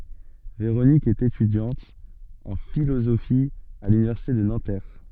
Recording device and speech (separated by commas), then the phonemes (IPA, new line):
soft in-ear microphone, read sentence
veʁonik ɛt etydjɑ̃t ɑ̃ filozofi a lynivɛʁsite də nɑ̃tɛʁ